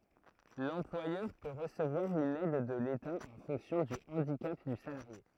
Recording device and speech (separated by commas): throat microphone, read sentence